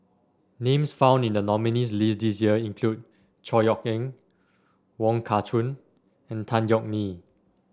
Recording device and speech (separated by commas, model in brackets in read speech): standing microphone (AKG C214), read sentence